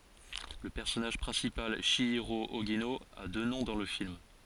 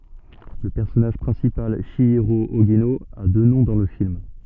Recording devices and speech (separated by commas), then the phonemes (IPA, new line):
forehead accelerometer, soft in-ear microphone, read sentence
lə pɛʁsɔnaʒ pʁɛ̃sipal ʃjiʁo oʒino a dø nɔ̃ dɑ̃ lə film